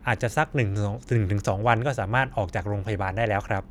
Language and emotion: Thai, neutral